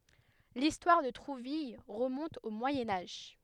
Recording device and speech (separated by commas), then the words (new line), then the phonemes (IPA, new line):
headset microphone, read sentence
L'histoire de Trouville remonte au Moyen Âge.
listwaʁ də tʁuvil ʁəmɔ̃t o mwajɛ̃ aʒ